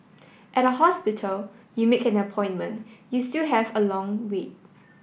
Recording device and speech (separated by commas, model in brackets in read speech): boundary microphone (BM630), read sentence